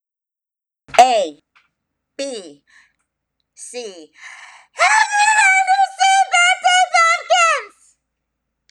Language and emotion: English, sad